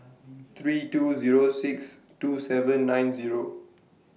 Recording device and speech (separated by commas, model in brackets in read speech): mobile phone (iPhone 6), read sentence